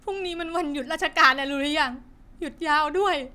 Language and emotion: Thai, sad